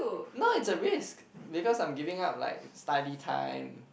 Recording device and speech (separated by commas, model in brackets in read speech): boundary microphone, conversation in the same room